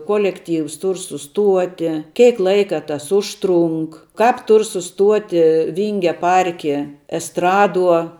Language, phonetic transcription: Lithuanian, ˈkolekˌtyvs ˈtur suˈstuoti ˈkeik ˈlaika tas ˈužtˌrunk kāp ˈtur suˈstuoti ˈvyngia ˈparki esˈtraˌduo

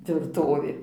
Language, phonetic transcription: Lithuanian, tvirˈtovė

